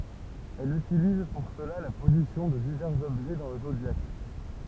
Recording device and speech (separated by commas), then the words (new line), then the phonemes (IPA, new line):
temple vibration pickup, read sentence
Elle utilise pour cela la position de divers objets dans le zodiaque.
ɛl ytiliz puʁ səla la pozisjɔ̃ də divɛʁz ɔbʒɛ dɑ̃ lə zodjak